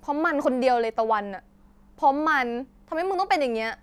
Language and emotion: Thai, angry